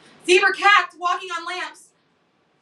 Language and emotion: English, fearful